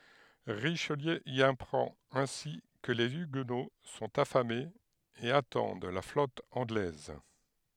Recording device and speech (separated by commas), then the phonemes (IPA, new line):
headset microphone, read sentence
ʁiʃliø i apʁɑ̃t ɛ̃si kə le yɡno sɔ̃t afamez e atɑ̃d la flɔt ɑ̃ɡlɛz